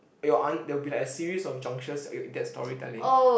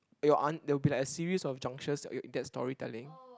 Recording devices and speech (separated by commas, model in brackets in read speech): boundary microphone, close-talking microphone, conversation in the same room